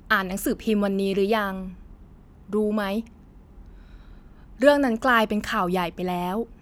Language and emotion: Thai, neutral